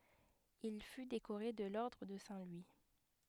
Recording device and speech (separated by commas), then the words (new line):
headset microphone, read sentence
Il fut décoré de l'ordre de Saint-Louis.